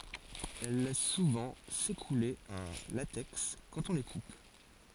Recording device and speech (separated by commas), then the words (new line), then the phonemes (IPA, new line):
forehead accelerometer, read sentence
Elles laissent souvent s'écouler un latex quand on les coupe.
ɛl lɛs suvɑ̃ sekule œ̃ latɛks kɑ̃t ɔ̃ le kup